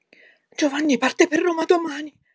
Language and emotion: Italian, fearful